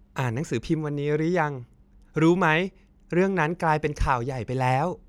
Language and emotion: Thai, happy